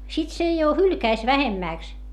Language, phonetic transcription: Finnish, sit se jo hylkäis vähemmä̀ks .
- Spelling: sitten se jo hylkäisi vähemmäksi

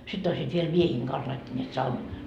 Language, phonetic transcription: Finnish, sitt ‿oisiit viel "miehiiŋ 'kans laittanneet "saun- .
- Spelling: sitten olisivat vielä miesten kanssa laittaneet -

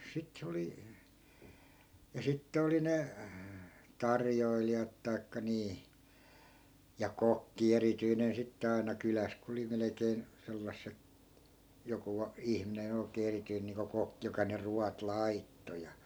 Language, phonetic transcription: Finnish, 'sit se oli , ja 'sitte oli 'ne , "tarjoilijat tai̮kka 'nii , ja "kokki 'erityinen 'sitte ai̮na 'kyläs ku oli 'melekeen , 'sellasse(t) , 'joku a- , 'ihminen ‿oi̮kee 'erityin niiŋko 'kokkⁱ joka ne 'ruat "laitto ja .
- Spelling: sitten se oli ja sitten oli ne tarjoilijat tai niin ja kokki erityinen sitten aina kylässä kun oli melkein sellaiset joku - ihminen oikein erityinen niin kuin kokki joka ne ruoat laittoi ja

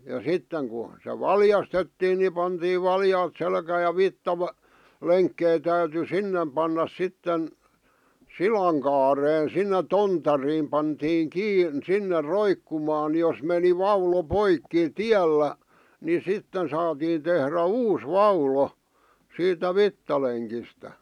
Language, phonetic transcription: Finnish, ja 'sitteŋ ku , se "valjastettiin ni pantiiv 'valjaat selkääj̆ ja "vittavä- , "-leŋkkei täyty "sinnem pannas 'sitten , "silaŋ kaaren sinne "tontariim pantiiŋ "kiin , 'sinner̆ "roikkumaan jos meni 'vaulo "poikkì̳ "tiällä , ni 'sitten saatiin tehrä "uus "vaulo , siitä "vittaleŋkistä .
- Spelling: ja sitten kun se valjastettiin niin pantiin valjaat selkään ja - lenkkejä täytyi sinne panna sitten silan kaareen sinne tontariin pantiin kiinni sinne roikkumaan jos meni vaulo poikki tiellä niin sitten saatiin tehdä uusi vaulo siitä vitsalenkistä

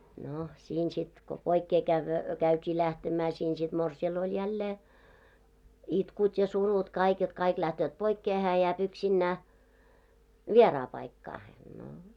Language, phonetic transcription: Finnish, 'no , siin sit , ko 'poikkee kävvö , 'käyt́ii 'lähtemää siin sit 'morsi₍al oĺ 'jällee , 'itkut ja 'surut kaik jot 'kaik lähtööt 'poikkee hää 'jääp 'yksinnää , "vieraa 'paikkaahen no .
- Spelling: no siinä sitten kun poikkeen - käytiin lähtemään siinä sitten morsiamella oli jälleen itkut ja surut kaikki jotta kaikki lähtevät poikkeen hän jää yksinään vieraan paikkaan no

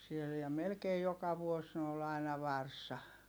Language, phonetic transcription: Finnish, siel ja melkei joka vuos ni ol aina varsa .
- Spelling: siellä ja melkein joka vuosi niin oli aina varsa

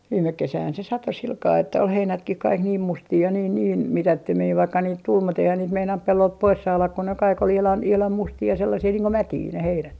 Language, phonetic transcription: Finnish, 'viimek 'kesähän se "sato silkaa että ol 'heinätkih 'kaik niim 'mustii ja niin niin , "mitättömii vaikka niit tul mut ‿eihän niit meinant 'pellolt "pois 'saalak ko ne kaik ‿ol ihlan , ihlam 'mustii ja 'sellasii niiŋ ko "mätii ne 'heinät .
- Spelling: viime kesähän se satoi sillä kalella että oli heinätkin kaikki niin mustia ja niin niin mitättömiä vaikka niitä tuli mutta eihän niitä meinannut pellolta pois saada kun ne kaikki oli ihan ihan mustia ja sellaisia niin kuin mätiä ne heinät

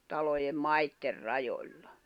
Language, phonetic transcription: Finnish, talojem "maitter 'rajoĺʟa .
- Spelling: talojen maiden rajoilla

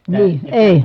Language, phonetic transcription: Finnish, nii , èi .
- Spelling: niin ei

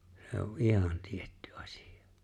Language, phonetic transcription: Finnish, se o "’ihan 'tiettʏ 'ᴀsɪ₍ᴀ .
- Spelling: se on ihan tietty asia

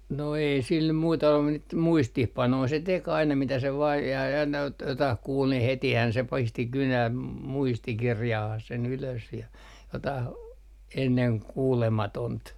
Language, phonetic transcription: Finnish, no ei sil nym muita ollu mut niit "muistihpanoi se 'tek ‿aina mitä se vaa ja ja aina ot- , jotah 'kuul ni hetihän se 'pisti 'kynäm , "muistikirjahah se'n ‿ylös ja jotah , "enneŋ 'kuulematont .
- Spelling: no ei sillä nyt muita ollut mutta niitä muistiinpanoja se teki aina mitä se vain ja ja aina - jotakin kuuli niin hetihän se pisti kynän muistikirjaan sen ylös ja jotakin ennen kuulematonta

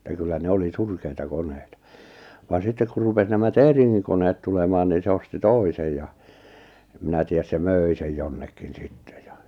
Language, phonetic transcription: Finnish, etä 'kyllä ne 'oli "surkeita 'koneita , van 'sittek kur rupes 'nämä "Tèriŋŋiŋ koneet tulemaan niin̬ se osti "tòisej ja , em 'minä tiäs se "mö̀i sej 'jonnekin 'sittᴇ ᴊᴀ .
- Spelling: että kyllä ne oli surkeita koneita vaan sitten kun rupesi nämä Teringin koneet tulemaan niin se osti toisen ja en minä tiedä se möi sen jonnekin sitten ja

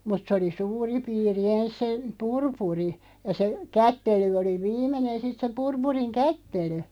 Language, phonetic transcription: Finnish, 'mut sᵉ oli "suuri 'piiri 'ens se , "purpuri , ja se , "kättely oli "viimenen sit se 'purpuriŋ "kättely .
- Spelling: mutta se oli suuri piiri ensin se purpuri ja se kättely oli viimeinen sitten se purpurin kättely

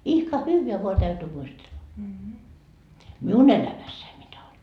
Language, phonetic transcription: Finnish, ihka "hyyveä voa täytyy 'muistella , "miu'n ‿elämässäi mitä oĺ .
- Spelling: ihka hyvää vain täytyy muistella minun elämässäni mitä oli

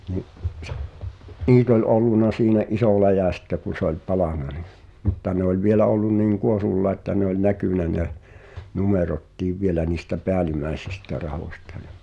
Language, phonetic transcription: Finnish, ni’ , "niit ‿oĺ '’olluna (simne’) "’isò 'läjä̀ sⁱtte kun̬ se ‿oĺ 'palàna ni , mutta ne ‿oĺ 'vielä ollun niŋ "kuorullà että ne ‿oĺ "näkỳnä ne , 'numerottiiv 'vielä niistä "peälimäesistä 'rahòśta (Jᴀ) .
- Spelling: niin niitä oli ollut semmoinen iso läjä sitten kun se oli palanut niin mutta ne oli vielä ollut niin kuorulla että ne oli näkynyt ne numerotkin vielä niistä päällimmäisistä rahoista ja

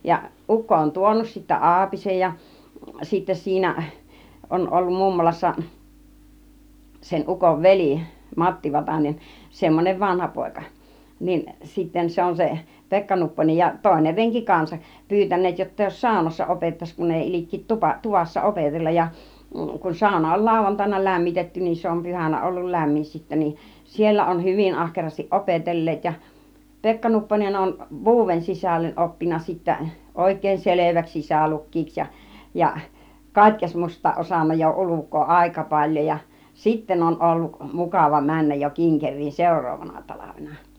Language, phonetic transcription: Finnish, ja 'ukko on "tuonus sittä "aapisej ja , ja sittä 'siinä , 'on ollum 'mummolassa , sen 'ukov "veli , "Matti Vatanen , 'semmonem 'vanhapòika , nin sitten 'se on se , "Pekka Nupponej ja "tòiner reŋki 'kansaˀ , 'pyytän̆neet jotta jos "sàunassa 'opettaś kun 'èi 'il͕ik̆kii 'tupa- , 'tuvassa "opetellaj ja , kun 'sauna oĺ "làuvantaina 'lämmitetty niin se om 'pyhänä ollul "lämmin sittä niin , 'siellä on "hyvin 'ahkerastiˀ "ˀopetel̀leet ja , "Pekka 'Nupponen on , "vuuw̆wen 'sisällen 'oppinna sittä , 'òik̆ke§e§n "seleväks 'sisä-luk̆kiiks ja , ja 'kat́kesmusta osanna jo 'uluk̆koo "àika 'paĺjoj ja , "sitten on olluk , 'mukàva 'männäj jo 'kiŋkeŕ̆riin "sèur̆roovana 'talavena .
- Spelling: ja ukko on tuonut sitten aapisen ja ja sitten siinä on ollut mummolassa sen ukon veli Matti Vatanen semmoinen vanhapoika niin sitten se on se Pekka Nupponen ja toinen renki kanssa pyytäneet jotta jos saunassa opettaisi kun ei ilkeä - tuvassa opetella ja kun sauna oli lauantaina lämmitetty niin se on pyhänä ollut lämmin sitten niin siellä on hyvin ahkerasti opetelleet ja Pekka Nupponen on vuoden sisälle oppinut sitten oikein selväksi sisälukijaksi ja ja katekismusta osannut jo ulkoa aika paljon ja sitten on ollut mukava mennä jo kinkeriin seuraavana talvena

